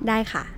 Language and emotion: Thai, neutral